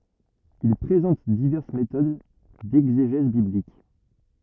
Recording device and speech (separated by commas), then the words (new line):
rigid in-ear microphone, read sentence
Il présente diverses méthodes d'exégèse biblique.